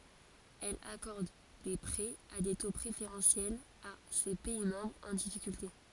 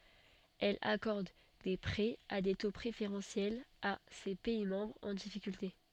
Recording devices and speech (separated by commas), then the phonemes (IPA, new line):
forehead accelerometer, soft in-ear microphone, read sentence
ɛl akɔʁd de pʁɛz a de to pʁefeʁɑ̃sjɛlz a se pɛi mɑ̃bʁz ɑ̃ difikylte